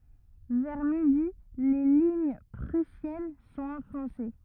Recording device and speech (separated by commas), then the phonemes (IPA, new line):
rigid in-ear microphone, read sentence
vɛʁ midi le liɲ pʁysjɛn sɔ̃t ɑ̃fɔ̃se